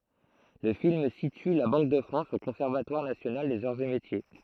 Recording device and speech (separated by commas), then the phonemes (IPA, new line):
throat microphone, read sentence
lə film sity la bɑ̃k də fʁɑ̃s o kɔ̃sɛʁvatwaʁ nasjonal dez aʁz e metje